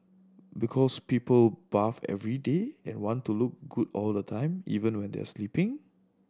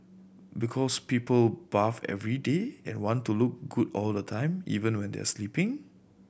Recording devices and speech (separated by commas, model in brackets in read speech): standing microphone (AKG C214), boundary microphone (BM630), read sentence